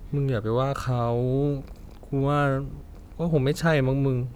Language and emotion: Thai, frustrated